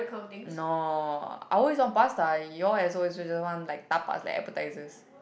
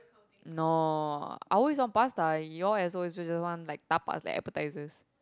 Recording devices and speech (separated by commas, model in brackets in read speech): boundary microphone, close-talking microphone, conversation in the same room